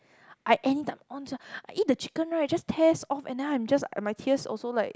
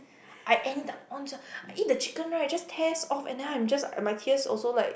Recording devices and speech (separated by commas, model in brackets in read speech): close-talking microphone, boundary microphone, conversation in the same room